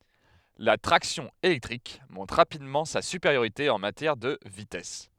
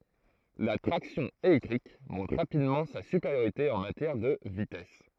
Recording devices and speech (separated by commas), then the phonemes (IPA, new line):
headset microphone, throat microphone, read sentence
la tʁaksjɔ̃ elɛktʁik mɔ̃tʁ ʁapidmɑ̃ sa sypeʁjoʁite ɑ̃ matjɛʁ də vitɛs